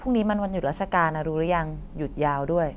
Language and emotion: Thai, neutral